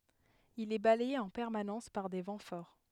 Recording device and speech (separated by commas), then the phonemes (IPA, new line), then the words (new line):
headset microphone, read sentence
il ɛ balɛje ɑ̃ pɛʁmanɑ̃s paʁ de vɑ̃ fɔʁ
Il est balayé en permanence par des vents forts.